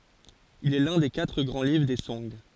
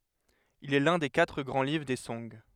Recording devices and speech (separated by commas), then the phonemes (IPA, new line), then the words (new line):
forehead accelerometer, headset microphone, read sentence
il ɛ lœ̃ de katʁ ɡʁɑ̃ livʁ de sɔ̃ɡ
Il est l'un des quatre grands livres des Song.